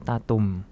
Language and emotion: Thai, neutral